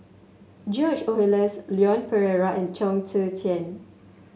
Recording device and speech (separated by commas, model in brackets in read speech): mobile phone (Samsung S8), read sentence